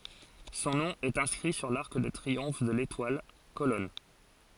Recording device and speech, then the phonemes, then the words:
forehead accelerometer, read sentence
sɔ̃ nɔ̃ ɛt ɛ̃skʁi syʁ laʁk də tʁiɔ̃f də letwal kolɔn
Son nom est inscrit sur l'arc de triomphe de l'Étoile, colonne.

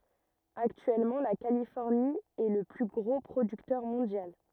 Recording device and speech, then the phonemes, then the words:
rigid in-ear microphone, read sentence
aktyɛlmɑ̃ la kalifɔʁni ɛ lə ply ɡʁo pʁodyktœʁ mɔ̃djal
Actuellement la Californie est le plus gros producteur mondial.

